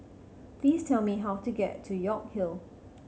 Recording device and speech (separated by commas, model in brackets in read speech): mobile phone (Samsung C7100), read sentence